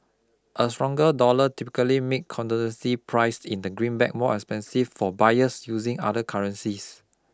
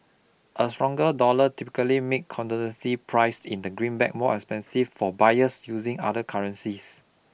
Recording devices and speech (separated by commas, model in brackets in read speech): close-talking microphone (WH20), boundary microphone (BM630), read sentence